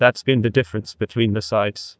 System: TTS, neural waveform model